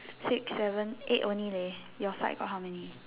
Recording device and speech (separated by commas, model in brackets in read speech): telephone, conversation in separate rooms